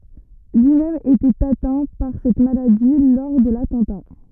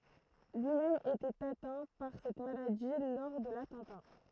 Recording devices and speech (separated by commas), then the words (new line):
rigid in-ear microphone, throat microphone, read sentence
Lui-même était atteint par cette maladie lors de l'attentat.